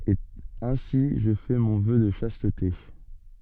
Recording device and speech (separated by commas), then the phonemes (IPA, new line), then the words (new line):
soft in-ear microphone, read sentence
e ɛ̃si ʒə fɛ mɔ̃ vœ də ʃastte
Et ainsi je fais mon Vœu de Chasteté.